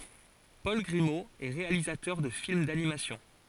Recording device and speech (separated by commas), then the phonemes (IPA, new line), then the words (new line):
forehead accelerometer, read sentence
pɔl ɡʁimo ɛ ʁealizatœʁ də film danimasjɔ̃
Paul Grimault est réalisateur de films d'animation.